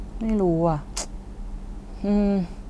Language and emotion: Thai, frustrated